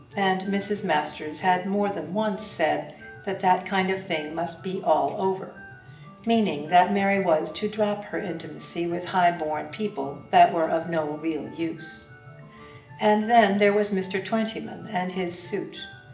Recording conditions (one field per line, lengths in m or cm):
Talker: one person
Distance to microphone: 1.8 m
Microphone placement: close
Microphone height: 1.0 m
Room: large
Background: music